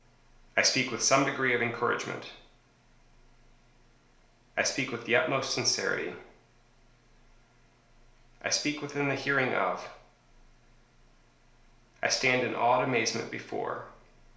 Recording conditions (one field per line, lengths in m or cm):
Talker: one person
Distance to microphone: 1.0 m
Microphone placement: close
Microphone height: 1.1 m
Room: small (3.7 m by 2.7 m)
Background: none